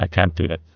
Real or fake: fake